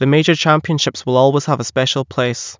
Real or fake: real